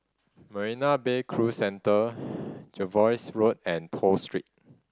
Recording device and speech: standing microphone (AKG C214), read sentence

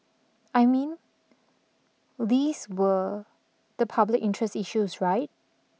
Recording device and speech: mobile phone (iPhone 6), read sentence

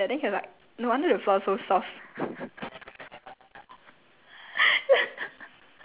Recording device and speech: telephone, conversation in separate rooms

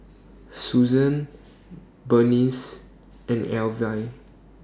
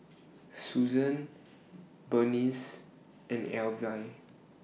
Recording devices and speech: standing microphone (AKG C214), mobile phone (iPhone 6), read sentence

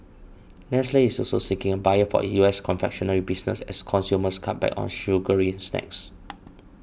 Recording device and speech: boundary microphone (BM630), read sentence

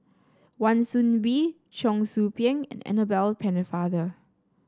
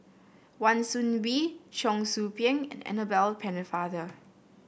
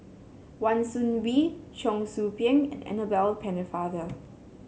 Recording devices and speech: standing microphone (AKG C214), boundary microphone (BM630), mobile phone (Samsung C7), read sentence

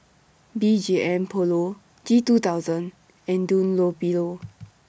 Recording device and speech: boundary microphone (BM630), read sentence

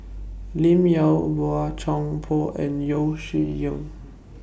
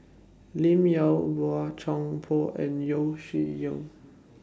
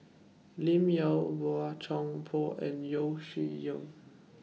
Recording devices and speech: boundary microphone (BM630), standing microphone (AKG C214), mobile phone (iPhone 6), read sentence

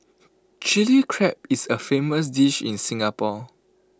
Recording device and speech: close-talking microphone (WH20), read sentence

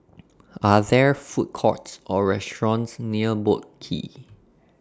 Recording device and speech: standing microphone (AKG C214), read sentence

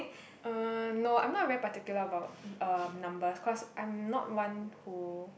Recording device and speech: boundary microphone, conversation in the same room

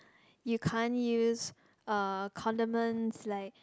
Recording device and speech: close-talking microphone, conversation in the same room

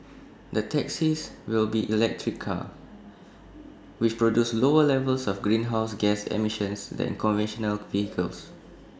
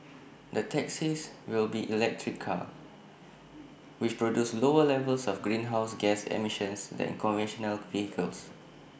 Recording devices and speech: standing microphone (AKG C214), boundary microphone (BM630), read sentence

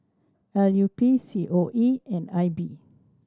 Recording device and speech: standing microphone (AKG C214), read sentence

